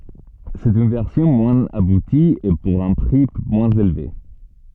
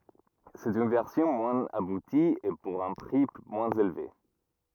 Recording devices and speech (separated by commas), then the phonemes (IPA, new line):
soft in-ear microphone, rigid in-ear microphone, read sentence
sɛt yn vɛʁsjɔ̃ mwɛ̃z abuti e puʁ œ̃ pʁi mwɛ̃z elve